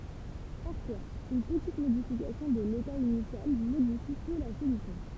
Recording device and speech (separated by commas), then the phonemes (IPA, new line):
temple vibration pickup, read sentence
paʁfwaz yn pətit modifikasjɔ̃ də leta inisjal modifi pø la solysjɔ̃